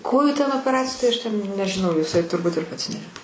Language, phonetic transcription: Lithuanian, ˈkojų ten opeˈraciju ˈtai ˈaš ten nežiˈnau jiˈsai turˈbut ir ˈpats ˈne

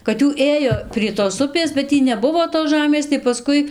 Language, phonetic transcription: Lithuanian, kad ˈjų ˈėjo prie tos ˈupės bet ˈtį neˈbuvo tos ˈžamės tai paˈskui

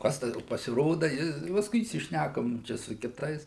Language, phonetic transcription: Lithuanian, ˈkas ta pasiˈroda ˈji pasˈkui įsišˈnækom ˈčia su kiˈtais

